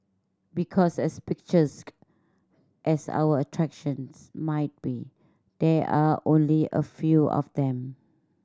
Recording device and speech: standing microphone (AKG C214), read sentence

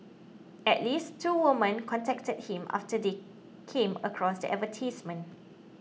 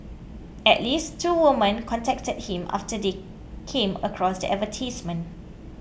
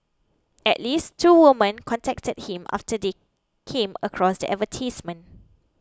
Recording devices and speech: mobile phone (iPhone 6), boundary microphone (BM630), close-talking microphone (WH20), read sentence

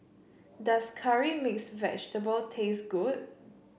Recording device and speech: boundary microphone (BM630), read sentence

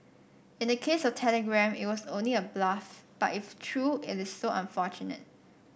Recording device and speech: boundary microphone (BM630), read sentence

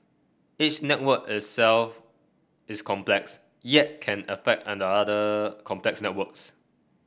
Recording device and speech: boundary microphone (BM630), read sentence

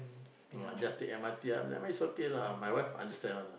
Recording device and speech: boundary microphone, conversation in the same room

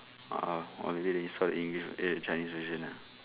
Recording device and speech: telephone, conversation in separate rooms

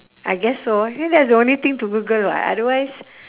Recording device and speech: telephone, conversation in separate rooms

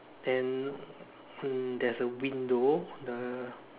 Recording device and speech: telephone, conversation in separate rooms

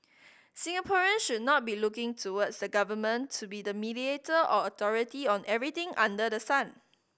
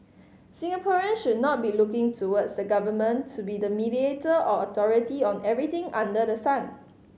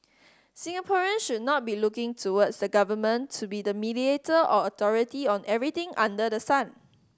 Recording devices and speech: boundary microphone (BM630), mobile phone (Samsung C5010), standing microphone (AKG C214), read sentence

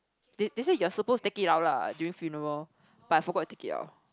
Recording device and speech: close-talking microphone, conversation in the same room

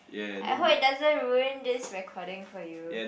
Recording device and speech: boundary microphone, conversation in the same room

